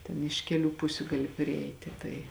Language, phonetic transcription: Lithuanian, ˈten iš ˈkeˌlių ˈpusiu ˈgali priˈeiti ˈtai

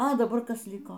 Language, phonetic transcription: Lithuanian, a daˈbar ˈkas ˈliko

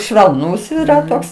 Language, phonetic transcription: Lithuanian, švelˈnūs yˈra ˈtoks

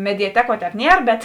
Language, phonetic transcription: Lithuanian, mediaˈteˌkuo ˈtēp ˈnier bet

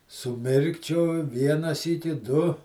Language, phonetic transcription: Lithuanian, suˈmirkčioj ˈviena ˈsyki ˈdu

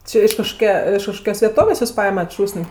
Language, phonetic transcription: Lithuanian, ˈči iš kažkoˈkia iš kažˈkokios veˈtovės' ˈjūs ˈpaimat ˈšūs'n'

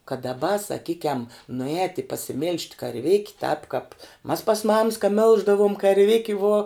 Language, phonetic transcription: Lithuanian, kad daˈba saˈkykiam nuˈēti pasiˈmyl'ž't' karˈvėki tāp kāp mas pas mams ka ˈmilždavuom karˈviki vuo

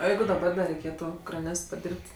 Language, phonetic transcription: Lithuanian, o ˈjeigu daˈbar da reiˈkėtu kraˈnėst paˈdyrb't'

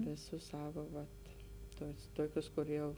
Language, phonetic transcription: Lithuanian, viˈsus ˈsava ˈvat ˈtus ˈtokius kur ˈjau

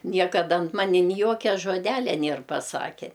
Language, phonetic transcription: Lithuanian, ˈniekada ant ˈmani ni ˈjokia žoˈdelia ˈnėr paˈsake

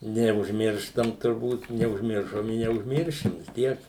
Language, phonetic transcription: Lithuanian, neužˈmirštam turˈbūt neužˈmiršom i neužˈmiršim vis ˈtiek

